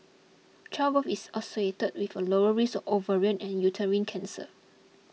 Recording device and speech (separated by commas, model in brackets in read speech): mobile phone (iPhone 6), read sentence